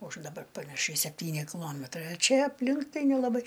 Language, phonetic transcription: Lithuanian, už daˈbar panaˈšiai sepˈtyni kiˈlometrai a ˈčia apˈlink ˈtai nelaˈbai

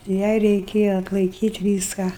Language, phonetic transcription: Lithuanian, ˈjai reiˈkėja atlaiˈkyt' ˈvyską

